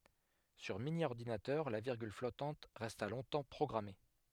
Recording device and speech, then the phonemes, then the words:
headset microphone, read sentence
syʁ minjɔʁdinatœʁ la viʁɡyl flɔtɑ̃t ʁɛsta lɔ̃tɑ̃ pʁɔɡʁame
Sur mini-ordinateur, la virgule flottante resta longtemps programmée.

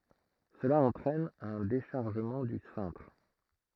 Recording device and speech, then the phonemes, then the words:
throat microphone, read sentence
səla ɑ̃tʁɛn œ̃ deʃaʁʒəmɑ̃ dy sɛ̃tʁ
Cela entraîne un déchargement du cintre.

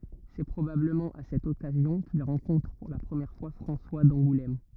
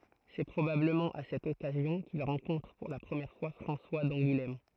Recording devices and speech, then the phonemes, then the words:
rigid in-ear microphone, throat microphone, read sentence
sɛ pʁobabləmɑ̃ a sɛt ɔkazjɔ̃ kil ʁɑ̃kɔ̃tʁ puʁ la pʁəmjɛʁ fwa fʁɑ̃swa dɑ̃ɡulɛm
C'est probablement à cette occasion qu'il rencontre pour la première fois François d'Angoulême.

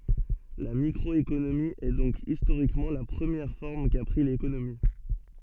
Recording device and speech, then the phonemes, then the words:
soft in-ear microphone, read sentence
la mikʁɔekonomi ɛ dɔ̃k istoʁikmɑ̃ la pʁəmjɛʁ fɔʁm ka pʁi lekonomi
La microéconomie est donc historiquement la première forme qu'a pris l'économie.

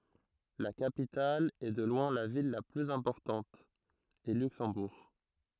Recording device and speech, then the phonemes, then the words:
throat microphone, read sentence
la kapital e də lwɛ̃ la vil la plyz ɛ̃pɔʁtɑ̃t ɛ lyksɑ̃buʁ
La capitale, et de loin la ville la plus importante, est Luxembourg.

